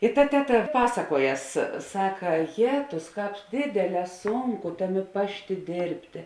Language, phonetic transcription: Lithuanian, ir ta ˈteˌta ˈpasakuoˌjas ˈsaka ˈjetus ˈkāp ˈdėdėˌlē ˈsūnˌku ˈtaˌmė ˈpašˌtė ˈdėrbtė

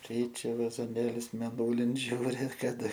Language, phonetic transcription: Lithuanian, ˈkeičia vazoˈnėlius mėˈnūlin ˈžiūri kaˈda

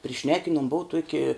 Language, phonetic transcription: Lithuanian, priˈšnekinuom ˈbuu ˈtuoki

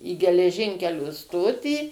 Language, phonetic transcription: Lithuanian, į geleˈžinkelio ˈstotį

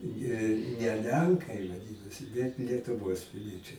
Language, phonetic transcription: Lithuanian, ˈjie ne ˈlenkai vaˈdinosi bet lietuˈvos piˈliečiai

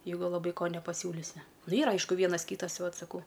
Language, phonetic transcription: Lithuanian, jeiˈgu laˈbai ˈko nepaˈsiūlisi ˈnu ˈyra ˈaišku ˈvienas ˈkytas ti ˈvat saˈkau

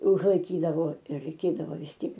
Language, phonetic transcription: Lithuanian, užlaiˈkydavo i raiˈkėdavo vis ˈtiek

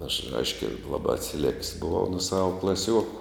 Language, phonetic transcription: Lithuanian, aš ˈaiškia ˈlabā atsiˈlek's' buˈvau nu ˈsava klaˈsiuoku

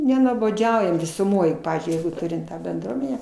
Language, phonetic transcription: Lithuanian, nenuoboˈdžiaujam visuˈmoj ˈpavyzdžiui ˈjeigu ˈturim ˈtą benˈdruomenę

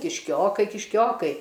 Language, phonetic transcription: Lithuanian, kišˈkiokai kišˈkiokai

